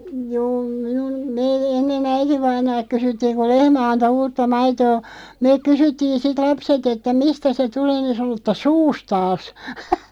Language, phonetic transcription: Finnish, juu minun , mee 'enne"n ‿äitivainaalᵏ 'kysyttiiŋ ku "lehmä 'anto 'uutta "maitoo , 'meeᵏ "kysyttiin 'sit "lapset että » "mistä 'se 'tulee « ni sᵃno ‿tta » "suustaas « .
- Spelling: juu minun me ennen äitivainaalta kysyttiin kun lehmä antoi uutta maitoa me kysyttiin sitten lapset että mistä se tulee niin sanoi että suustaan

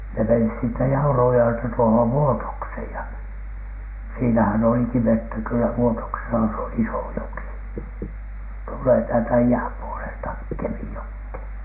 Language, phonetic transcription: Finnish, ne menis siittä 'Jaurujjo₍elta tuohov "Vuotokshèj ja , siinähän oliki "vettä kyllä 'Vuotoksesa , se on "iso 'joki , tullee täältä "i₍äm 'puolelta , "KemijokhèN .
- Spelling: ne meni siitä Jaurujoelta tuohon Vuotokseen ja siinähän olikin vettä kyllä Vuotoksessa se on iso joki tulee täältä idän puolelta Kemijokeen

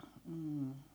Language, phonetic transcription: Finnish, m̥m̥ .
- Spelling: mm

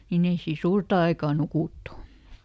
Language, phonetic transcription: Finnish, niiˈn ‿ei sii "suurta aikaa ˈnukùttu !
- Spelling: niin ei siinä suurta aikaa nukuttu

